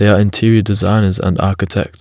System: none